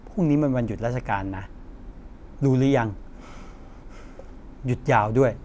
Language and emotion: Thai, frustrated